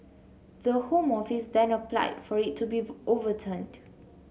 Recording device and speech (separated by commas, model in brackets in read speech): mobile phone (Samsung C7), read sentence